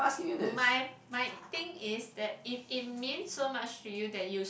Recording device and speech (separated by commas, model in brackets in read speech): boundary microphone, conversation in the same room